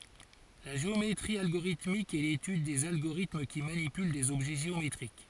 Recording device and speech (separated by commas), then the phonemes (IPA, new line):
forehead accelerometer, read sentence
la ʒeometʁi alɡoʁitmik ɛ letyd dez aɡoʁitm ki manipyl dez ɔbʒɛ ʒeometʁik